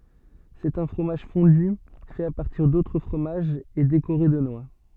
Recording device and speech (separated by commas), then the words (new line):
soft in-ear microphone, read sentence
C'est un fromage fondu, fait à partir d'autres fromages et décoré de noix.